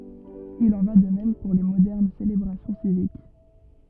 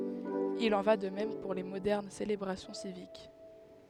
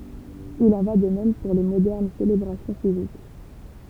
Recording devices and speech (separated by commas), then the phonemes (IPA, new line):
rigid in-ear microphone, headset microphone, temple vibration pickup, read sentence
il ɑ̃ va də mɛm puʁ le modɛʁn selebʁasjɔ̃ sivik